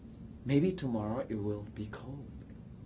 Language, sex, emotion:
English, male, neutral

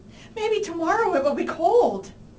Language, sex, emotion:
English, female, fearful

